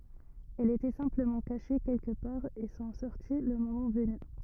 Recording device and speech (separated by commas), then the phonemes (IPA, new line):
rigid in-ear microphone, read sentence
ɛlz etɛ sɛ̃pləmɑ̃ kaʃe kɛlkə paʁ e sɔ̃ sɔʁti lə momɑ̃ vəny